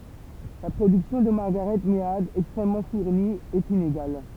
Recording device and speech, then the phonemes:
temple vibration pickup, read sentence
la pʁodyksjɔ̃ də maʁɡaʁɛt mead ɛkstʁɛmmɑ̃ fuʁni ɛt ineɡal

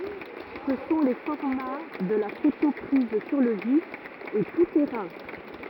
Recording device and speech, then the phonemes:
rigid in-ear microphone, read sentence
sə sɔ̃ le fɔʁma də la foto pʁiz syʁ lə vif e tu tɛʁɛ̃

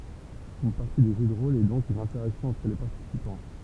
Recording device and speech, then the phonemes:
temple vibration pickup, read sentence
yn paʁti də ʒø də ʁol ɛ dɔ̃k yn ɛ̃tɛʁaksjɔ̃ ɑ̃tʁ le paʁtisipɑ̃

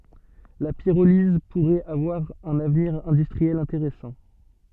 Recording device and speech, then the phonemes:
soft in-ear microphone, read sentence
la piʁoliz puʁɛt avwaʁ œ̃n avniʁ ɛ̃dystʁiɛl ɛ̃teʁɛsɑ̃

